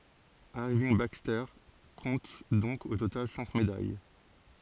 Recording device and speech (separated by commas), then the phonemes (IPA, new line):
forehead accelerometer, read sentence
iʁvinɡ bakstɛʁ kɔ̃t dɔ̃k o total sɛ̃k medaj